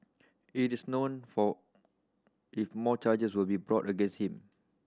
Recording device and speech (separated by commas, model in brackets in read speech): standing microphone (AKG C214), read sentence